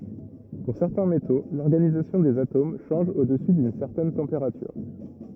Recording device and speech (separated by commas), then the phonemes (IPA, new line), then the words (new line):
rigid in-ear microphone, read sentence
puʁ sɛʁtɛ̃ meto lɔʁɡanizasjɔ̃ dez atom ʃɑ̃ʒ o dəsy dyn sɛʁtɛn tɑ̃peʁatyʁ
Pour certains métaux, l'organisation des atomes change au-dessus d'une certaine température.